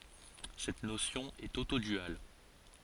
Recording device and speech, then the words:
forehead accelerometer, read sentence
Cette notion est autoduale.

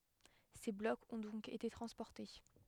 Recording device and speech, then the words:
headset microphone, read sentence
Ces blocs ont donc été transportés.

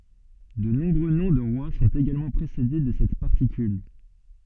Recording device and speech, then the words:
soft in-ear microphone, read sentence
De nombreux noms de rois sont également précédés de cette particule.

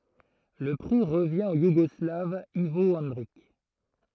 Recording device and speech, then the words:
throat microphone, read sentence
Le prix revient au Yougoslave Ivo Andrić.

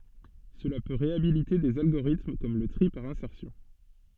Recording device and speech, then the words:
soft in-ear microphone, read sentence
Cela peut réhabiliter des algorithmes comme le tri par insertion.

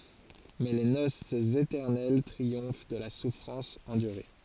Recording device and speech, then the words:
forehead accelerometer, read sentence
Mais les noces éternelles triomphent de la souffrance endurée.

